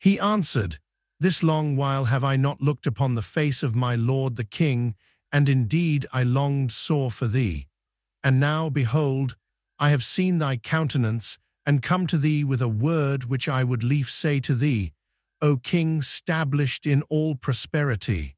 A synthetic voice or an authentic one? synthetic